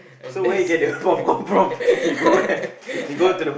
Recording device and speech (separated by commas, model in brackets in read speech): boundary microphone, conversation in the same room